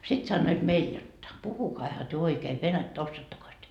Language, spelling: Finnish, sitten sanoivat meille jotta puhukaahan te oikein venäjää osaattekos te
- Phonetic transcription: 'sit sannoit 'meil jotta » 'puhukaiha työ 'oikee "venättä 'ossaattokos työ ? »

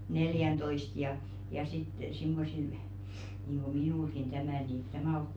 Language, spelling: Finnish, neljäntoista ja ja sitten semmoisilla niin kuin minullakin tämä niin tämä ole kuin
- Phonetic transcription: "neljäntoist ja , ja sit 'simmosil , nìŋɢo "minùlɢin 'tämä̀ nì , tämä̀ 'ook ku ,.

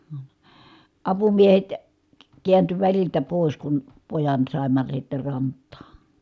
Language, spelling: Finnish, - apumiehet - kääntyi väliltä pois kun pojan saimme sitten rantaan
- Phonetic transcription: ə , apumiehet , k- kiänty väliltä pòis kun , pojan sàimma sitte rant̆taa .

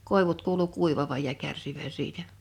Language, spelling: Finnish, koivut kuului kuivavan ja kärsivän siitä
- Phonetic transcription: 'kòevut 'kuulu 'kuivavaj ja 'kärsivän 'siitä .

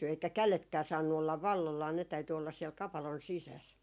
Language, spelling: Finnish, eikä kädetkään saanut olla valloillaan ne täytyi olla siellä kapalon sisässä
- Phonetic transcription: eikä "käletkää saannu ollav "vallollaa , ne täyty ollas 'siɛl 'kapalon "sisäs .

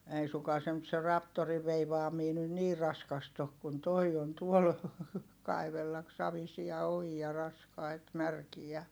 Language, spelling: Finnish, ei suinkaan se nyt se traktorin veivaaminen nyt niin raskasta ole kuin tuo on tuolla kaivella savisia ojia raskaita märkiä
- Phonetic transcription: ei suŋkaa se nyt se raptoriv veivaamii nyn nii raskast ‿ok kun toi on tuol , kaivellak savisia ojia raskait märkijä .

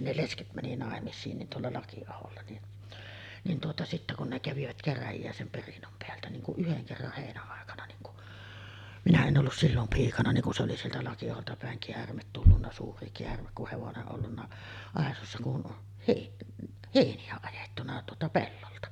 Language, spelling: Finnish, ne lesket meni naimisiin niin tuolla Lakiaholla niin niin tuota sitten kun ne kävivät käräjiä sen perinnön päältä niin kun yhden kerran heinäaikana niin kun minä en ollut silloin piikana niin kun se oli sieltä Lakiaholta päin käärme tullut suuri käärme kun hevonen ollut aisoissa kun - heiniä ajettu tuota pellolta
- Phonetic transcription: 'ne "lesket mäni nàemis̀iin nin tuolla 'Laki₍aholla nin , nin tuota , sittä kun ne 'kävivät "käräjijä sem 'perinnom peältä niŋ kuˀ 'ˀyheŋ kerrah 'hèinä₍àekana niŋ ku , minä en ’ollus 'sillom 'piikana niŋ ku se oli 'sieltä Laki₍aholta pä̀eŋ 'keärmet tullunna "suuri 'keärmek kuh 'hevone’ ’ollunna 'àesossa kun , hèi-ˀ , 'hèini₍ä ajettuna tuota 'pellolta .

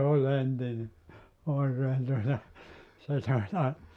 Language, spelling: Finnish, se oli entinen oikein tuota sitä sitä
- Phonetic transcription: "se oĺ 'entine , 'oikeen tuota , (sitä sitä) ,.

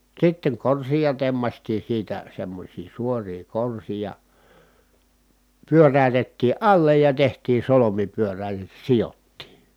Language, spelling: Finnish, sitten korsia tempaistiin siitä semmoisia suoria korsia pyöräytettiin alle ja tehtiin solmi pyörälle sidottiin
- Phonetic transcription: sitteŋ korsija temmastii siitä semmośii suorii korsija , pyörä̀y̬tettii ʼallej ja tehtiin̬ solomi pyörää(les) sijottii .

